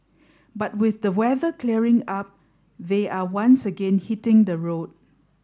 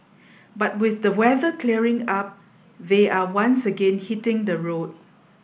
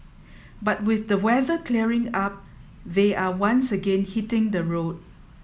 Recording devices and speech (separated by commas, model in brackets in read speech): standing microphone (AKG C214), boundary microphone (BM630), mobile phone (iPhone 7), read sentence